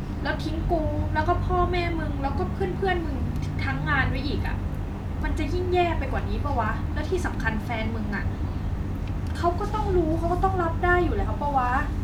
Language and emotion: Thai, frustrated